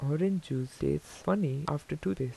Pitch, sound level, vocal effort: 140 Hz, 80 dB SPL, soft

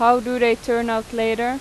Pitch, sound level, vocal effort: 235 Hz, 89 dB SPL, loud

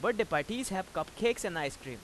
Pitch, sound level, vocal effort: 190 Hz, 93 dB SPL, loud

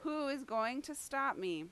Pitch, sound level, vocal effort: 275 Hz, 90 dB SPL, very loud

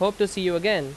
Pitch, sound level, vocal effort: 195 Hz, 91 dB SPL, very loud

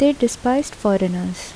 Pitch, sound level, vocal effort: 230 Hz, 74 dB SPL, soft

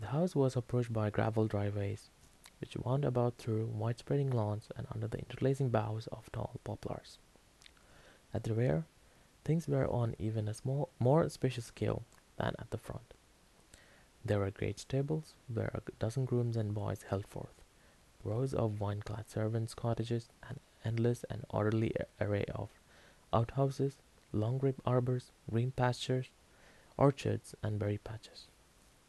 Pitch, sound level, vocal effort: 115 Hz, 75 dB SPL, soft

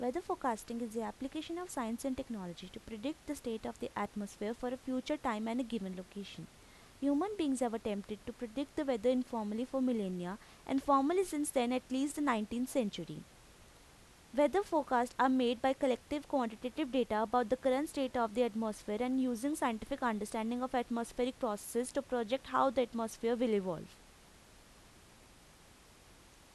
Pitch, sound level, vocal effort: 250 Hz, 84 dB SPL, normal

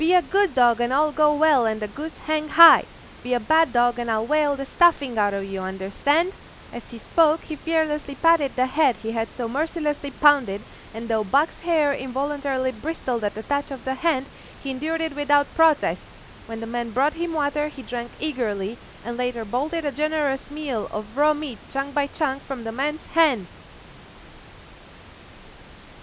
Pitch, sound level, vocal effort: 280 Hz, 93 dB SPL, very loud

